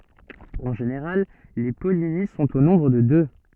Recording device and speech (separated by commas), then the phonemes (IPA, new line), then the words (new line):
soft in-ear microphone, read sentence
ɑ̃ ʒeneʁal le pɔlini sɔ̃t o nɔ̃bʁ də dø
En général, les pollinies sont au nombre de deux.